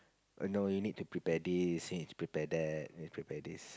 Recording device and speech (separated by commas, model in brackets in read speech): close-talking microphone, conversation in the same room